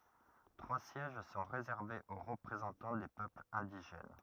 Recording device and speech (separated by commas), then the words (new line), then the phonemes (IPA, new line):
rigid in-ear microphone, read sentence
Trois sièges sont réservés aux représentants des peuples indigènes.
tʁwa sjɛʒ sɔ̃ ʁezɛʁvez o ʁəpʁezɑ̃tɑ̃ de pøplz ɛ̃diʒɛn